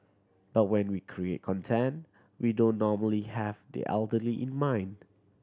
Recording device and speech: standing microphone (AKG C214), read sentence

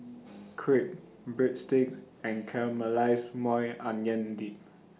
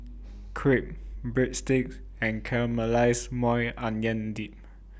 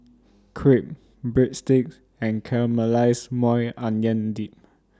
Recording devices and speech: mobile phone (iPhone 6), boundary microphone (BM630), standing microphone (AKG C214), read sentence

